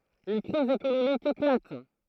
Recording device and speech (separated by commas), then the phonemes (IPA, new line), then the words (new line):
throat microphone, read sentence
yn kʁiz ekonomik eklat
Une crise économique éclate.